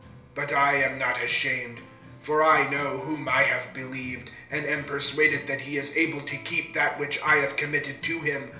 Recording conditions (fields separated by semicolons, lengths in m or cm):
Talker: one person; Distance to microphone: 1.0 m; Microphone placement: close; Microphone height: 1.1 m; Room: small (3.7 m by 2.7 m); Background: music